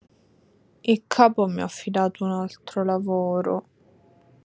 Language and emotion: Italian, sad